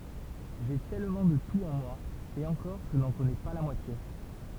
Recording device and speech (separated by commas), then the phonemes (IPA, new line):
temple vibration pickup, read sentence
ʒe tɛlmɑ̃ də tut ɑ̃ mwa e ɑ̃kɔʁ ʒə nɑ̃ kɔnɛ pa la mwatje